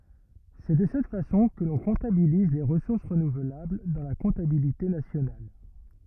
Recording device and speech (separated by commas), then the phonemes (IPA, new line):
rigid in-ear microphone, read sentence
sɛ də sɛt fasɔ̃ kə lɔ̃ kɔ̃tabiliz le ʁəsuʁs ʁənuvlabl dɑ̃ la kɔ̃tabilite nasjonal